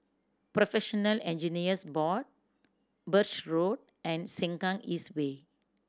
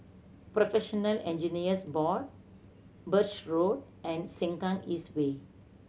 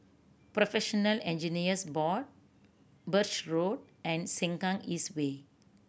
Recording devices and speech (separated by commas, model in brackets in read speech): standing microphone (AKG C214), mobile phone (Samsung C7100), boundary microphone (BM630), read sentence